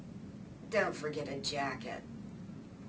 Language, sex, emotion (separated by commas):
English, female, disgusted